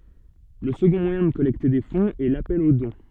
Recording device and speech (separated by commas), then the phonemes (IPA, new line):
soft in-ear microphone, read sentence
lə səɡɔ̃ mwajɛ̃ də kɔlɛkte de fɔ̃z ɛ lapɛl o dɔ̃